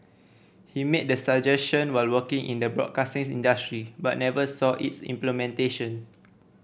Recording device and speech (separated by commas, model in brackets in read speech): boundary microphone (BM630), read sentence